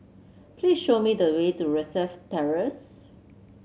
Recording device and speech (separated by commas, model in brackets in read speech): mobile phone (Samsung C7), read sentence